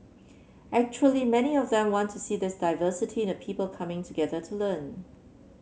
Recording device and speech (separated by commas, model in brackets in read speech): mobile phone (Samsung C7), read sentence